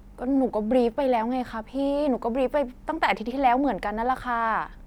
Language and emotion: Thai, frustrated